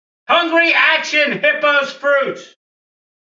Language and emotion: English, fearful